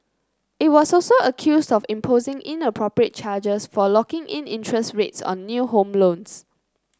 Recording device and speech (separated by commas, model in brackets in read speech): close-talking microphone (WH30), read sentence